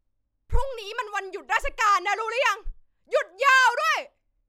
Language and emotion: Thai, angry